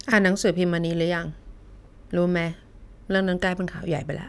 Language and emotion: Thai, neutral